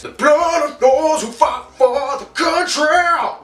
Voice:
weird singer voice